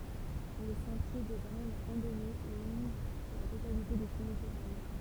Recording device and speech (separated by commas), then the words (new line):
temple vibration pickup, read sentence
Le sentier de grande randonnée longe la totalité de son littoral.